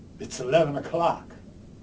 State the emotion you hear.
neutral